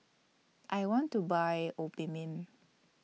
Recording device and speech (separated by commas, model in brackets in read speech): mobile phone (iPhone 6), read sentence